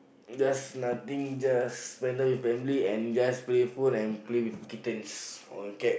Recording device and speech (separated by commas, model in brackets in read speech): boundary microphone, conversation in the same room